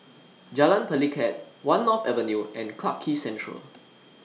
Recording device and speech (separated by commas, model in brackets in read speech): mobile phone (iPhone 6), read sentence